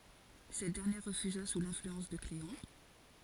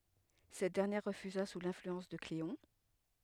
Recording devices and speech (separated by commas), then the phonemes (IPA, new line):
forehead accelerometer, headset microphone, read sentence
sɛt dɛʁnjɛʁ ʁəfyza su lɛ̃flyɑ̃s də kleɔ̃